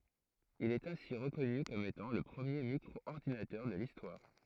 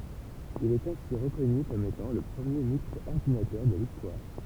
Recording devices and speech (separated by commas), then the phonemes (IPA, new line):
throat microphone, temple vibration pickup, read sentence
il ɛt ɛ̃si ʁəkɔny kɔm etɑ̃ lə pʁəmje mikʁɔɔʁdinatœʁ də listwaʁ